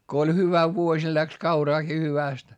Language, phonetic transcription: Finnish, ko oĺ hyvä vuoś ja läks kauraaki hyvä̀st .
- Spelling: kun oli hyvä vuosi ja lähti kauraakin hyvästi

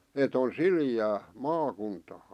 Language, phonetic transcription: Finnish, et ‿on "sili₍ää , 'maakuntaa .
- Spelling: että on sileää maakuntaa

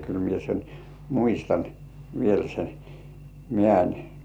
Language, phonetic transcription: Finnish, kyl mie sen , "muistan , viel sen , 'mĕ§ä̀n .
- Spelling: kyllä minä sen muistan vielä sen metsän

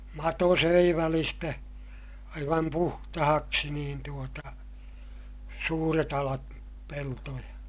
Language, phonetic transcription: Finnish, mato söi välistä , aivam puhtahaksi niin tuota , suuret ‿alat , peltoja .
- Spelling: mato söi välistä aivan puhtaaksi niin tuota suuret alat peltoja

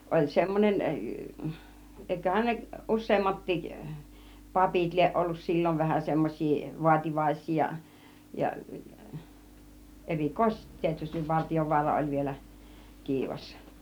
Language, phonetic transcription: Finnish, 'oĺ 'semmon͕en , 'èiköhän ne 'ˀus̆seemmattiik , "papit iieˀ ˀollus "sil͕l͕ov vähä 'semmoś̆sii , 'vuativaĭs͕̆s͕ii ja , ja "erikòisestit tietystiv 'Vartijovuara oĺ vielä , 'kiivas .
- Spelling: oli semmoinen eiköhän ne useammatkin papit lie ollut silloin vähän semmoisia vaativaisia ja ja erikoisesti tietysti Vartiovaara oli vielä kiivas

